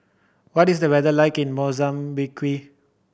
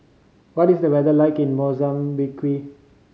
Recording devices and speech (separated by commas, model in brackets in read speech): boundary microphone (BM630), mobile phone (Samsung C5010), read sentence